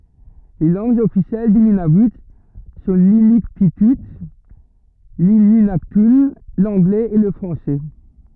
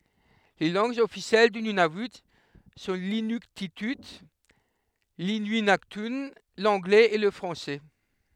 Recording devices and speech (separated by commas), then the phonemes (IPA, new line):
rigid in-ear microphone, headset microphone, read sentence
le lɑ̃ɡz ɔfisjɛl dy nynavy sɔ̃ linyktity linyɛ̃naktœ̃ lɑ̃ɡlɛz e lə fʁɑ̃sɛ